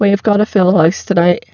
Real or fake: fake